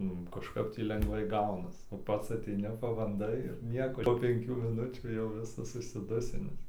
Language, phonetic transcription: Lithuanian, ˈnu kažˈkap tį lengˈvai ˈgaunas o ˈpats aˈteini pabanˈdai ir nieko ˈpo penˈkių miˈnučių jau ˈvisas užsiˈdusinis

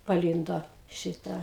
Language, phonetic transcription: Lithuanian, paˈlyndo ˈšitą

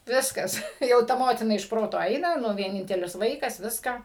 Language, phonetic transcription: Lithuanian, ˈviskas ˈtai jau ˈta ˈmotina iš ˈproto ˈaina ˈnu vieˈnintelis ˈvaikas ˈviską

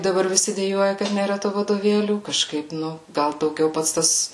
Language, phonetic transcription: Lithuanian, daˈbar viˈsi deˈjuoja kad nėˈra tų vadoˈvėlių kaˈžkaip ˈnu ˈgal dauˈgiau ˈpats ˈtas

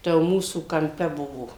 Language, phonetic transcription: Lithuanian, ˈta jau ˈmūsų kamˈpe ˈbuvo

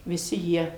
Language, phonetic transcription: Lithuanian, viˈsi ˈjie

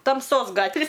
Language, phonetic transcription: Lithuanian, tamˈsos ˈgatvi

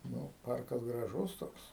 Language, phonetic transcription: Lithuanian, ˈnu ˈparkas graˈžus ˈtoks

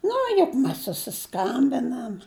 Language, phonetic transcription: Lithuanian, ˈnu juk ˈmes susiˈskambinam

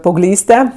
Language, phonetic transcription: Lithuanian, paaugˈlyste

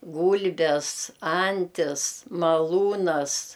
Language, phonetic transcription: Lithuanian, ˈgūlbes ˈantis maˈlūnas

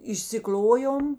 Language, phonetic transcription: Lithuanian, išsiˈkl'ojom

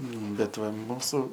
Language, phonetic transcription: Lithuanian, ˈnu bet ˈva ˈmūsu

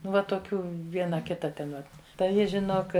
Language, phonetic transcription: Lithuanian, ˈnu va toˈkių ˈviena ˈkita ˈten va tai ˈji žiˈnok

